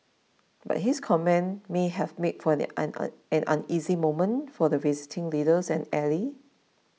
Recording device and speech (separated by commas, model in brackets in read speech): mobile phone (iPhone 6), read sentence